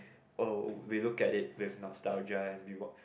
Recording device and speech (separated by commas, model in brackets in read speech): boundary microphone, conversation in the same room